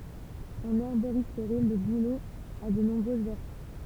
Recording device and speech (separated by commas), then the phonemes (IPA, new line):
temple vibration pickup, read sentence
ɑ̃n ɛʁboʁistʁi lə bulo a də nɔ̃bʁøz vɛʁty